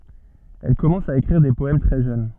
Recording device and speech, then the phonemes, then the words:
soft in-ear microphone, read sentence
ɛl kɔmɑ̃s a ekʁiʁ de pɔɛm tʁɛ ʒøn
Elle commence à écrire des poèmes très jeune.

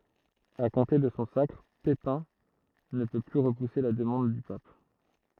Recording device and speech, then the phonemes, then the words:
throat microphone, read sentence
a kɔ̃te də sɔ̃ sakʁ pepɛ̃ nə pø ply ʁəpuse la dəmɑ̃d dy pap
À compter de son sacre, Pépin ne peut plus repousser la demande du pape.

